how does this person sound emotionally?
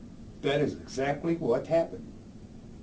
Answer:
neutral